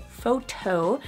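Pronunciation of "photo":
In 'photo', the T between the two vowels stays a T sound. It is not turned into a D, which is how American English says it.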